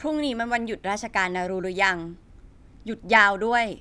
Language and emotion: Thai, neutral